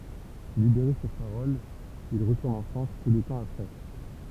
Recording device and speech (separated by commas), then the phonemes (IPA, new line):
temple vibration pickup, read sentence
libeʁe syʁ paʁɔl il ʁətuʁn ɑ̃ fʁɑ̃s pø də tɑ̃ apʁɛ